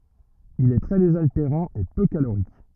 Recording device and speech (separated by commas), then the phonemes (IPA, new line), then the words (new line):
rigid in-ear microphone, read sentence
il ɛ tʁɛ dezalteʁɑ̃ e pø kaloʁik
Il est très désaltérant et peu calorique.